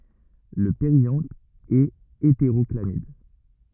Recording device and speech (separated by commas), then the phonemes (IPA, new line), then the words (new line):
rigid in-ear microphone, read sentence
lə peʁjɑ̃t ɛt eteʁɔklamid
Le périanthe est hétérochlamyde.